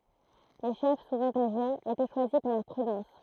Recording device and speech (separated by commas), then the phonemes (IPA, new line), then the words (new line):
throat microphone, read sentence
le ʃɛf suvɑ̃ aʒez etɛ ʃwazi puʁ lœʁ pʁydɑ̃s
Les chefs, souvent âgés, étaient choisis pour leur prudence.